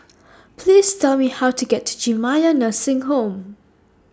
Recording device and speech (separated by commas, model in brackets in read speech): standing microphone (AKG C214), read sentence